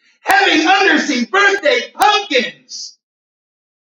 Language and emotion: English, happy